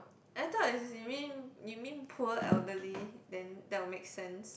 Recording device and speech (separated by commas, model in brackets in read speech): boundary microphone, conversation in the same room